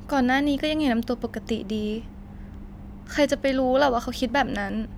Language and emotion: Thai, sad